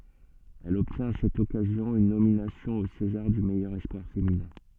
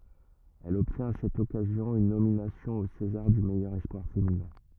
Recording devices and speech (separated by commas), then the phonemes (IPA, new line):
soft in-ear microphone, rigid in-ear microphone, read sentence
ɛl ɔbtjɛ̃t a sɛt ɔkazjɔ̃ yn nominasjɔ̃ o sezaʁ dy mɛjœʁ ɛspwaʁ feminɛ̃